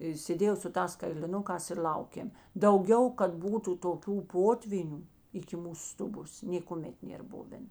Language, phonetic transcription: Lithuanian, i sėˈdėjau su ˈtās kailiˈnukās ir ˈl'aukėm dauˈgiau kad ˈbūtu toˈkių ˈpotvynių iki ˈmūsu ˈstuˌbos nėkuˈmet ˈnėr ˈbuven

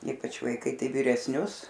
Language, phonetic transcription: Lithuanian, ˈypač vaiˈkai ˈtai viresˈnius

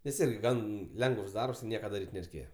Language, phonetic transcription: Lithuanian, nes ˈirgi ˈgan ˈlengəvs ˈdarbs ˈnieka daˈryt' nereiˈkėje

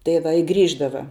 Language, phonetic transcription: Lithuanian, tai ˈva i ˈgrįždava

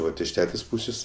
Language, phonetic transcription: Lithuanian, ˈvat iš ˈtetės' ˈpūsės'

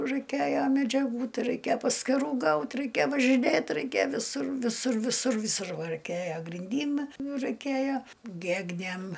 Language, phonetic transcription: Lithuanian, raiˈkėja medžiaˈgų ˈtai raiˈkėja paskiˈrų gaut raiˈkė važiˈnėt raiˈkė viˈsur viˈsur viˈsur viˈsur va raiˈkėjo grinˈdym ˈnu raiˈkėja ˈgegnėm

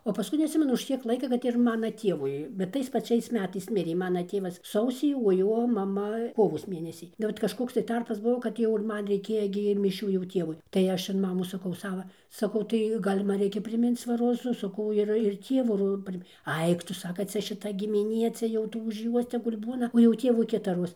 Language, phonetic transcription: Lithuanian, o paˈskui neatˈsimenu už ˈkiek ˈlaika kad ir ˈmana ˈtievui bet ˈtais paˈčiais ˈmetais ˈmirė ˈmana ˈtėvas ˈsausį o ˈjo maˈma ˈkovos ˈmėnesį tai ˈtarpas ˈbuvo kad ˈjau ir ˈman reiˈkėja gi i miˈšių jau ˈtievui tai ˈaš an ˈmamos saˈkau ˈsava saˈkau tai ˈgal' ˈman ˈreikia priˈminc va roˈzu saˈkau ir ir ˈtievu ˈro ˈpri ˈaik tu ˈsaka ˈcia šiˈta gimiˈnie ˈcia jau ˈtų už ˈjuos tegul' ˈbūna o jau ˈtėvui ˈkitaroz

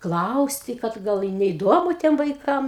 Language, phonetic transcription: Lithuanian, ˈklausti kad ˈgal i neiˈdomu ˈtiem vaiˈkam

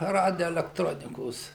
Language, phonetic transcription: Lithuanian, ˈradioelekˈtronikos

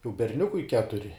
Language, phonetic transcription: Lithuanian, jau berˈniukui ˈketuri

